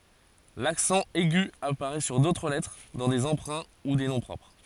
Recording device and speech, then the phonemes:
forehead accelerometer, read sentence
laksɑ̃ ɛɡy apaʁɛ syʁ dotʁ lɛtʁ dɑ̃ de ɑ̃pʁɛ̃ u de nɔ̃ pʁɔpʁ

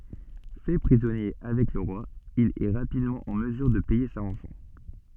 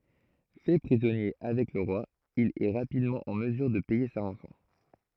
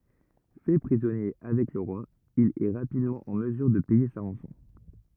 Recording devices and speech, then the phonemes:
soft in-ear microphone, throat microphone, rigid in-ear microphone, read sentence
fɛ pʁizɔnje avɛk lə ʁwa il ɛ ʁapidmɑ̃ ɑ̃ məzyʁ də pɛje sa ʁɑ̃sɔ̃

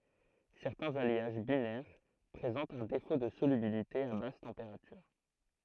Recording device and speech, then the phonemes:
throat microphone, read sentence
sɛʁtɛ̃z aljaʒ binɛʁ pʁezɑ̃tt œ̃ defo də solybilite a bas tɑ̃peʁatyʁ

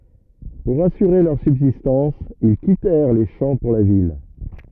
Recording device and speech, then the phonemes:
rigid in-ear microphone, read sentence
puʁ asyʁe lœʁ sybzistɑ̃s il kitɛʁ le ʃɑ̃ puʁ la vil

